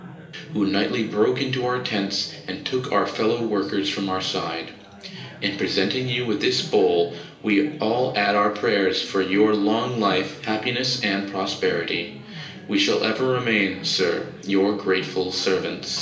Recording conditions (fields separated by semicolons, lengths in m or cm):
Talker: one person; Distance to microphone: 1.8 m; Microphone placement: close; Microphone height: 1.0 m; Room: large; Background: babble